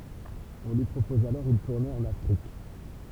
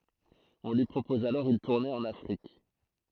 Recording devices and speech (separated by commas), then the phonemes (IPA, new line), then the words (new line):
temple vibration pickup, throat microphone, read sentence
ɔ̃ lyi pʁopɔz alɔʁ yn tuʁne ɑ̃n afʁik
On lui propose alors une tournée en Afrique.